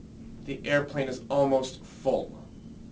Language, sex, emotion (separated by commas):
English, male, disgusted